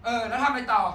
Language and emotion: Thai, angry